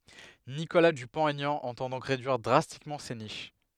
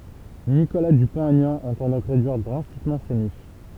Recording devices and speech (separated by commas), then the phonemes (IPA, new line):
headset microphone, temple vibration pickup, read sentence
nikola dypɔ̃t ɛɲɑ̃ ɑ̃tɑ̃ dɔ̃k ʁedyiʁ dʁastikmɑ̃ se niʃ